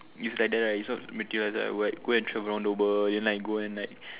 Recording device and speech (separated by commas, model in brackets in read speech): telephone, conversation in separate rooms